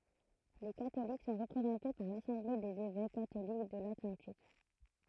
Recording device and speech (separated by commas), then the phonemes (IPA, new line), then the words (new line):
throat microphone, read sentence
le katolik sɔ̃ ʁəpʁezɑ̃te paʁ lasɑ̃ble dez evɛk katolik də latlɑ̃tik
Les catholiques sont représentés par l'Assemblée des évêques catholiques de l'Atlantique.